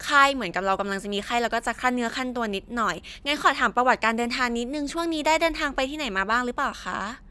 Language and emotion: Thai, happy